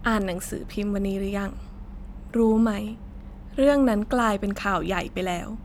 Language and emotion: Thai, sad